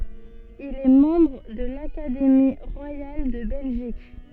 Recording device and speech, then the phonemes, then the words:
soft in-ear microphone, read sentence
il ɛ mɑ̃bʁ də lakademi ʁwajal də bɛlʒik
Il est membre de l'Académie royale de Belgique.

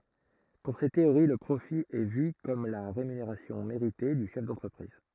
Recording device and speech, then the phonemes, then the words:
throat microphone, read sentence
puʁ se teoʁi lə pʁofi ɛ vy kɔm la ʁemyneʁasjɔ̃ meʁite dy ʃɛf dɑ̃tʁəpʁiz
Pour ces théories le profit est vu comme la rémunération méritée du chef d'entreprise.

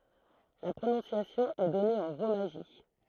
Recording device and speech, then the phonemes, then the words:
throat microphone, read sentence
la pʁonɔ̃sjasjɔ̃ ɛ dɔne ɑ̃ ʁomaʒi
La prononciation est donnée en romaji.

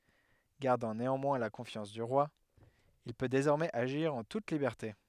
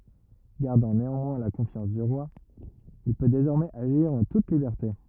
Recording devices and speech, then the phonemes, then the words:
headset microphone, rigid in-ear microphone, read sentence
ɡaʁdɑ̃ neɑ̃mwɛ̃ la kɔ̃fjɑ̃s dy ʁwa il pø dezɔʁmɛz aʒiʁ ɑ̃ tut libɛʁte
Gardant néanmoins la confiance du roi, il peut désormais agir en toute liberté.

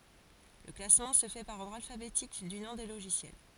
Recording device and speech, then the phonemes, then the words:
forehead accelerometer, read sentence
lə klasmɑ̃ sə fɛ paʁ ɔʁdʁ alfabetik dy nɔ̃ de loʒisjɛl
Le classement se fait par ordre alphabétique du nom des logiciels.

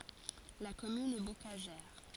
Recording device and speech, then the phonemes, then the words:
forehead accelerometer, read sentence
la kɔmyn ɛ bokaʒɛʁ
La commune est bocagère.

